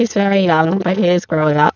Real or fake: fake